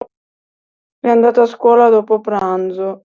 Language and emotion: Italian, sad